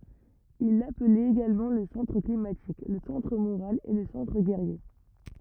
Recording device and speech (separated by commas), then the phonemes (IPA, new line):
rigid in-ear microphone, read sentence
il laplɛt eɡalmɑ̃ lə sɑ̃tʁ klimatik lə sɑ̃tʁ moʁal e lə sɑ̃tʁ ɡɛʁje